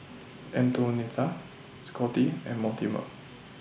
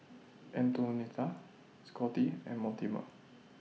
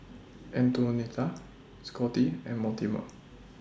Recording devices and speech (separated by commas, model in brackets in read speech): boundary microphone (BM630), mobile phone (iPhone 6), standing microphone (AKG C214), read sentence